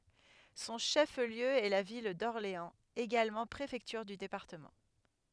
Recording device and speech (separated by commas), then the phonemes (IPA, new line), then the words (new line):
headset microphone, read sentence
sɔ̃ ʃəfliø ɛ la vil dɔʁleɑ̃z eɡalmɑ̃ pʁefɛktyʁ dy depaʁtəmɑ̃
Son chef-lieu est la ville d'Orléans, également préfecture du département.